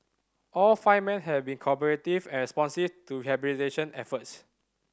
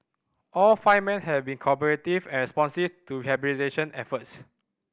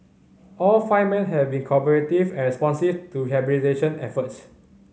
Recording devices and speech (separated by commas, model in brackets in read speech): standing microphone (AKG C214), boundary microphone (BM630), mobile phone (Samsung C5010), read sentence